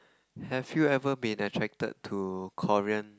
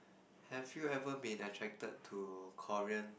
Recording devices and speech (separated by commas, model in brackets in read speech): close-talking microphone, boundary microphone, conversation in the same room